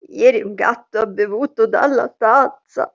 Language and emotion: Italian, disgusted